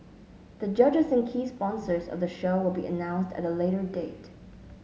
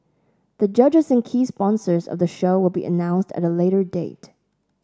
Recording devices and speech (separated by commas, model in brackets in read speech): mobile phone (Samsung S8), standing microphone (AKG C214), read sentence